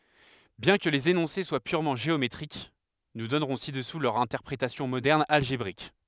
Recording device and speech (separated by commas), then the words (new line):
headset microphone, read sentence
Bien que les énoncés soient purement géométriques, nous donnerons ci-dessous leur interprétation moderne algébrique.